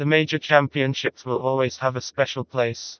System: TTS, vocoder